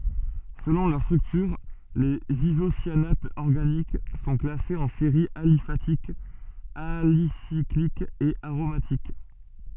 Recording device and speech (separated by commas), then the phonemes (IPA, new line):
soft in-ear microphone, read sentence
səlɔ̃ lœʁ stʁyktyʁ lez izosjanatz ɔʁɡanik sɔ̃ klasez ɑ̃ seʁiz alifatikz alisiklikz e aʁomatik